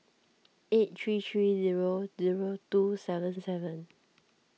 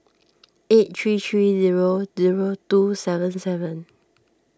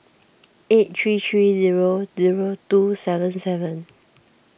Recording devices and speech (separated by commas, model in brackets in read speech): mobile phone (iPhone 6), standing microphone (AKG C214), boundary microphone (BM630), read sentence